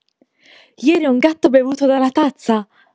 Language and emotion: Italian, happy